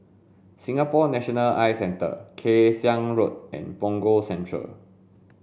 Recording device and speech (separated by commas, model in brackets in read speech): boundary microphone (BM630), read sentence